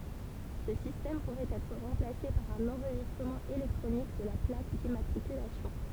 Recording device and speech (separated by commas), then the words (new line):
temple vibration pickup, read sentence
Ce système pourrait être remplacée par un enregistrement électronique de la plaque d'immatriculation.